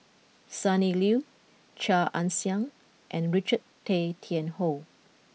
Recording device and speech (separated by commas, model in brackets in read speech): mobile phone (iPhone 6), read sentence